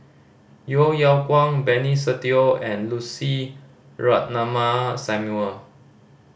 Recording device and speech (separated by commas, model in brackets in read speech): boundary microphone (BM630), read sentence